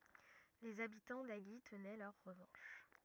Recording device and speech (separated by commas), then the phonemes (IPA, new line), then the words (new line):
rigid in-ear microphone, read sentence
lez abitɑ̃ aʒi tənɛ lœʁ ʁəvɑ̃ʃ
Les habitants d'Agy tenaient leur revanche.